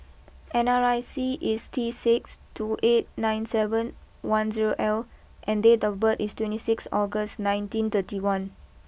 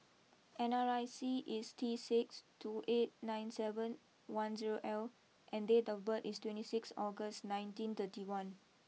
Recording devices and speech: boundary microphone (BM630), mobile phone (iPhone 6), read sentence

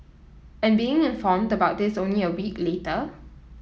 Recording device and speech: mobile phone (iPhone 7), read sentence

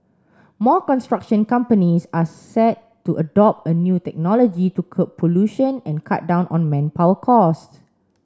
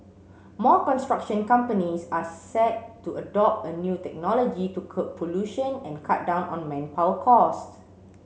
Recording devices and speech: standing microphone (AKG C214), mobile phone (Samsung C7), read sentence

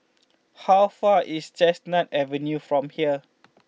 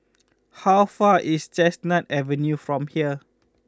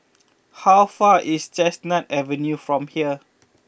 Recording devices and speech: mobile phone (iPhone 6), close-talking microphone (WH20), boundary microphone (BM630), read sentence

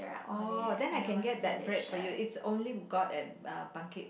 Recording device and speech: boundary microphone, conversation in the same room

